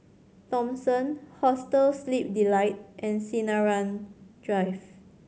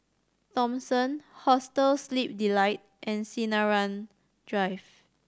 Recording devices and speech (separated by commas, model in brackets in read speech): mobile phone (Samsung C7100), standing microphone (AKG C214), read sentence